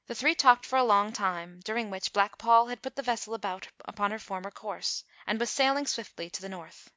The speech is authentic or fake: authentic